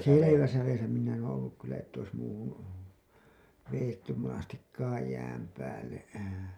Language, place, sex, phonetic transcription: Finnish, Hailuoto, male, seleväsä 'veesä minä en olluk kyllä että ois muuhun , vejettym monastikkaaj 'jääm 'päälle .
- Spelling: selvässä vedessä minä en ollut kyllä että olisi muuhun vedetty monestikaan jään päälle

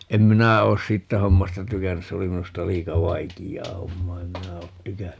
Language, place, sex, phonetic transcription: Finnish, Paavola, male, 'em "minä oos "siittä 'hommasta 'tykännys - 'se oli 'minusta "liika 'vaikijjaa 'hommaa - em "minä oot "tykänny .
- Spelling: en minä ole siitä hommasta tykännyt se oli minusta liika vaikeaa hommaa en minä ole tykännyt

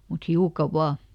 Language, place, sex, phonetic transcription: Finnish, Lieto, female, mut ˈhiuka "vaa !
- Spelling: mutta hiukan vain

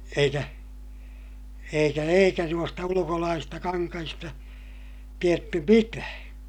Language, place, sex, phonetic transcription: Finnish, Ilmajoki, male, eikä , eikä eikä nuosta ulukolaasista kaŋkahista , tietty mitää .
- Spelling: eikä eikä eikä noista ulkolaisista kankaista tiedetty mitään

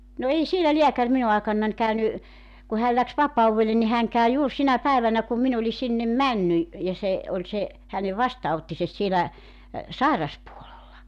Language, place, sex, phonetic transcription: Finnish, Joutsa, female, no 'ei sielä "liäkär 'minu aekannań 'käyny , ku 'hääl 'läks "vapauwvelle ni 'häŋ käy 'juur 'sinä "päivänä kum 'min ‿oĺi 'sinnem "männy , ja 'se , oĺ se , 'hänev "vastaa₍ottises sielä , "sàiraspuolella .
- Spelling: no ei siellä lääkäri minun aikanani käynyt kun hän lähti vapaudelle niin hän kävi juuri sinä päivänä kun minä olin sinne mennyt ja se oli se hänen vastaanottonsa siellä sairaspuolella

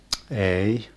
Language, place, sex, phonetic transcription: Finnish, Vermlanti, male, 'ee₍"i .
- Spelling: ei

